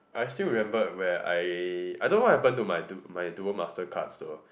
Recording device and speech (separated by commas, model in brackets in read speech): boundary microphone, conversation in the same room